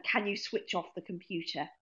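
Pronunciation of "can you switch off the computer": In 'switch off', the two words blend together and sound almost like one word.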